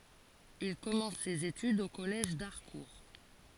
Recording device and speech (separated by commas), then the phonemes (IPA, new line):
forehead accelerometer, read sentence
il kɔmɑ̃s sez etydz o kɔlɛʒ daʁkuʁ